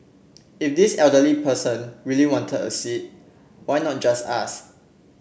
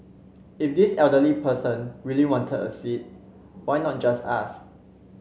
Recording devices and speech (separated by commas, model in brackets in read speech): boundary microphone (BM630), mobile phone (Samsung C7), read sentence